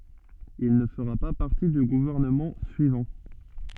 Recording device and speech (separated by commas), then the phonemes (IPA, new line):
soft in-ear microphone, read sentence
il nə fəʁa pa paʁti dy ɡuvɛʁnəmɑ̃ syivɑ̃